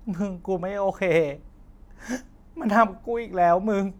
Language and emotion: Thai, sad